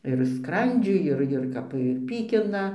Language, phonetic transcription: Lithuanian, ir ˈskrandžiui ˈir ir ˈkap ir ˈpykina

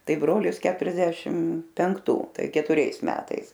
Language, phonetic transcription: Lithuanian, ˈtai ˈbrolis ˈketuriasdešim penkˈtų ˈtai ketuˈriais ˈmetais

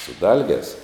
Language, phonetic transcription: Lithuanian, su ˈdalgēs

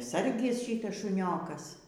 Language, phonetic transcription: Lithuanian, ˈsargis ˈšytas šuˈniokas

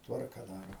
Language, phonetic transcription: Lithuanian, ˈtvarka ˈdaro

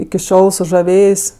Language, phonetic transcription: Lithuanian, iki ˈšiol sužaˈvėjės'

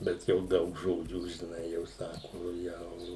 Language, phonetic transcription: Lithuanian, ˈbet jau ˈdaug ˈžodžių žiˈnai jau ˈsaku ˈjau

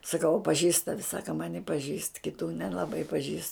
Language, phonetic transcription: Lithuanian, saˈkau a paˈžįst ˈtavi ˈsaka ˈmani paˈžįst kiˈtų nelaˈbai paˈžįst

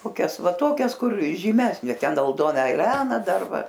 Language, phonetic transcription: Lithuanian, koˈkias ˈva ˈtokias ˈkur žyˈmesnė ˈten alˈdona eˈlena ˈdar ˈva

